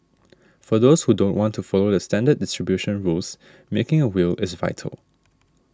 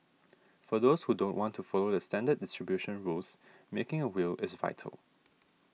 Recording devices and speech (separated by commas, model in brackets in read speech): standing microphone (AKG C214), mobile phone (iPhone 6), read sentence